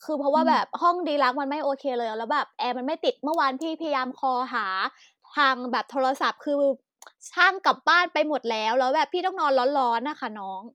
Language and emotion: Thai, frustrated